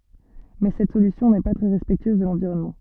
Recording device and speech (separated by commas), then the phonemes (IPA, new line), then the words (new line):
soft in-ear microphone, read sentence
mɛ sɛt solysjɔ̃ nɛ pa tʁɛ ʁɛspɛktyøz də lɑ̃viʁɔnmɑ̃
Mais cette solution n'est pas très respectueuse de l'environnement.